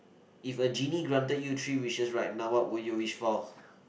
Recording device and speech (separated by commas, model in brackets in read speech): boundary microphone, conversation in the same room